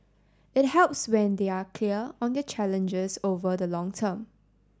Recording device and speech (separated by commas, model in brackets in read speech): standing microphone (AKG C214), read sentence